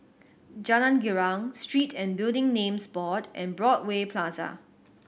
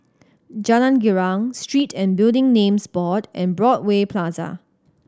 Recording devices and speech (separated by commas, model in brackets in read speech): boundary microphone (BM630), standing microphone (AKG C214), read sentence